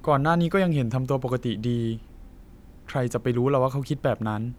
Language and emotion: Thai, neutral